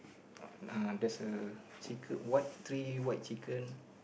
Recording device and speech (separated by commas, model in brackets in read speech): boundary microphone, conversation in the same room